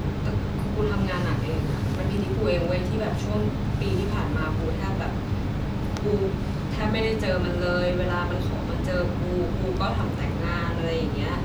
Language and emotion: Thai, sad